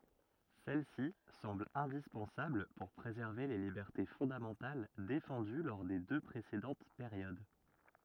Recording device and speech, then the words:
rigid in-ear microphone, read sentence
Celle-ci semble indispensable pour préserver les libertés fondamentales défendues lors des deux précédentes périodes.

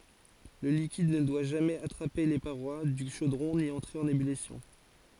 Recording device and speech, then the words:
forehead accelerometer, read sentence
Le liquide ne doit jamais attraper les parois du chaudron ni entrer en ébullition.

